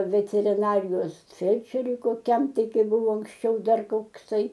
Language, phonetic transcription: Lithuanian, veteriˈnarijos ˈfelčeriui koˈkiam ˈtai ˈkai ˈbuvo anksˈčiau ˈdar kokˈsai

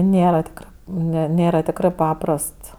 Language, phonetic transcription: Lithuanian, ˈnėra tikˈrɜ ne ˈnėra tikˈrɜ ˈpaprast

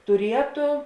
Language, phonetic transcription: Lithuanian, tuˈrieto

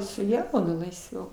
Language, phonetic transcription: Lithuanian, su ˈjaunu laisˈviau

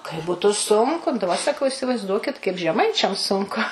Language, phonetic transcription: Lithuanian, kai ˈbutu ˈsunku daˈba saˈkau isivaizˈduokit kaip žeˈmaičiam ˈsunku

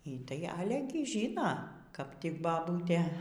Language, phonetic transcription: Lithuanian, y ˈtai ˈale gi ˈžyno kap tik baˈbūtė

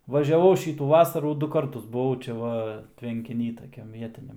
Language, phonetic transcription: Lithuanian, važiaˈvau ˈšytų ˈvasarų ˈdu ˈkartus buˈvau čia ˈva tvenkiˈny taˈkiam ˈvietiniam

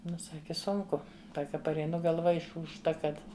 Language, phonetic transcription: Lithuanian, ˈnu ˈsaki ˈsunku ˈsaka pareiˈnu galˈva išūžˈta ˈkad

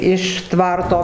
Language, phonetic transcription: Lithuanian, iš ˈtvarto

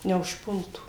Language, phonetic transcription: Lithuanian, neužˈpultų

